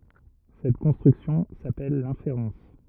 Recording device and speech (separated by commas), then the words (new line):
rigid in-ear microphone, read sentence
Cette construction s'appelle l'inférence.